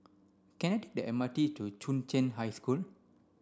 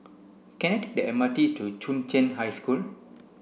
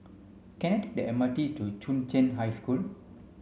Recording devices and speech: standing microphone (AKG C214), boundary microphone (BM630), mobile phone (Samsung C5), read sentence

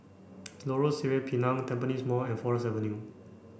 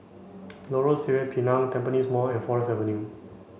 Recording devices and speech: boundary microphone (BM630), mobile phone (Samsung C5), read sentence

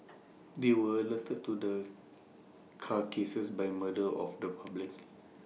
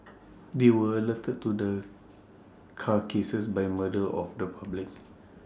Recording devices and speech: mobile phone (iPhone 6), standing microphone (AKG C214), read sentence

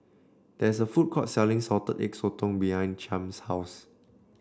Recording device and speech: standing microphone (AKG C214), read sentence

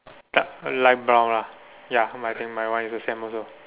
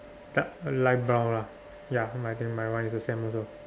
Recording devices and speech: telephone, standing microphone, conversation in separate rooms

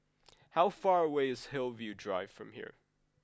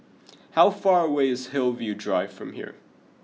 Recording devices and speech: close-talking microphone (WH20), mobile phone (iPhone 6), read sentence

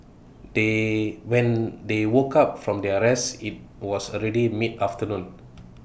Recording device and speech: boundary microphone (BM630), read sentence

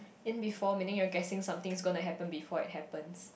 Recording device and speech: boundary microphone, conversation in the same room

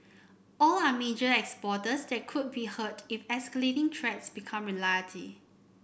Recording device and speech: boundary microphone (BM630), read sentence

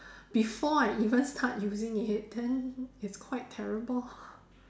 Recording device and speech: standing microphone, conversation in separate rooms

